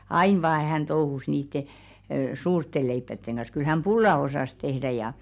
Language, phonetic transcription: Finnish, "ain vaa hän 'touhus niitte , "suurtte 'leippätteŋ ɢa̰s kyl 'häm "ʙulla 'osàs tehdä ja .
- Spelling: aina vain hän touhusi niiden suurten leipien kanssa kyllä hän pullaa osasi tehdä ja

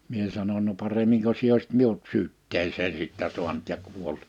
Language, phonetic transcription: Finnish, 'mie sanon » no 'paremmiŋko sie òisit 'miut 'syytteesee 'sittä suant ja kuol(t) .
- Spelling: minä sanoin no paremmin sinä olisit minut syytteeseen sitten saanut ja kuollut

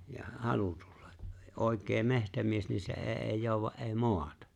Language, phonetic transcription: Finnish, ja "halu tᴜʟʟᴀ , '’òek̆kee 'mehtämies ni 'se e’ ’eeⁱ 'jooᵘwa’ ’eeⁱ "moatᴀ .
- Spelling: ja halu tulla oikea metsämies niin se ei ei jouda ei maata

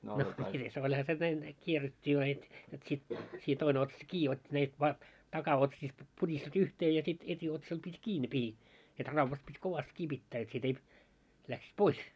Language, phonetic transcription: Finnish, no mites 'oĺha se näin , 'kierret́t́ii vaa heit , jot sit , sii 'toine otsas 'kii ot́t́i näip- va- , 'taka₍otsiist , 'puŕisti yhtee ja sit 'et́i₍otsal pit́ "kii ne pihi , et 'ravvat pit́ 'kovast 'kii pittää et sit ‿eip- , läksis "pois .
- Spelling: no mitenkäs olihan se näin kierrettiin vain heitä jotta sitten siinä toinen otsasta kiinni otti - - takaotsista puristi yhteen ja sitten etiotsalla piti kiinni ne pihdit että raudat piti kovasti kiinni pitää että sitten ei lähtisi pois

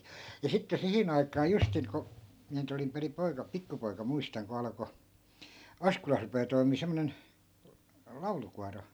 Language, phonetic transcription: Finnish, ja 'sitte 'sihin ‿aikaa 'justiŋ ko , 'miä nyt ‿olim periᵐ 'poika- , "pikkupoi̮ka 'muistaŋ ko 'alᵃko , "askolas rupee 'toimii 'semmonen , "laulukuaro .
- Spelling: ja sitten siihen aikaan justiin kun minä nyt olin perin - pikkupoika muistan kun alkoi Askolassa rupeaa toimimaan semmoinen laulukuoro

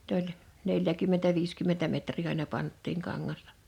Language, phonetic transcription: Finnish, n ‿oĺ , 'neljäkymmentä 'viiskymmentä metrii aina 'panttiiŋ 'kaŋŋastᴀ .
- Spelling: ne oli neljäkymmentä viisikymmentä metriä aina pantiin kangasta

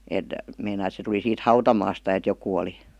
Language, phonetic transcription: Finnish, 'èt , meinai et se tuli siit "hautamaasta et 'jokù oli ,.
- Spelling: että meinasi että se tuli siitä hautamaasta että joku oli

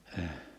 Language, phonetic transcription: Finnish, əʰ .
- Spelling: -

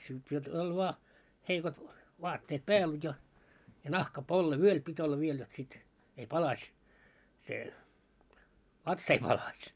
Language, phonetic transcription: Finnish, kyl siel oĺ voa , heikot , 'vaatteet 'pääl ja , ja 'nahka'polle "vyöl pit olla 'viel jot sit , ei "palaś , se , 'vatsᵃ ‿ei palaś .
- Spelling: kyllä siellä oli vain heikot vaatteet päällä ja ja nahkapolle vyöllä piti olla vielä jotta sitten ei palasi se vatsa ei palasi

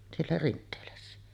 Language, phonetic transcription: Finnish, siellä 'Rint̆teelässä .
- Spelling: siellä Rinteelässä

